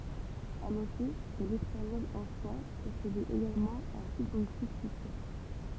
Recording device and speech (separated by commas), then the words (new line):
temple vibration pickup, read sentence
À noter que l'espagnol ancien possédait également un subjonctif futur.